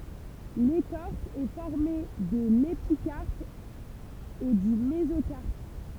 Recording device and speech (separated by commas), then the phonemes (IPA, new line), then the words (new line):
temple vibration pickup, read sentence
lekɔʁs ɛ fɔʁme də lepikaʁp e dy mezokaʁp
L'écorce est formée de l'épicarpe et du mésocarpe.